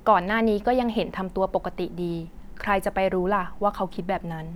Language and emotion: Thai, neutral